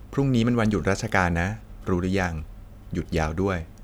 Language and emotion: Thai, neutral